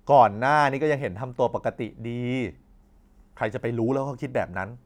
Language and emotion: Thai, frustrated